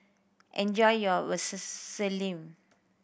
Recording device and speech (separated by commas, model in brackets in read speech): boundary microphone (BM630), read sentence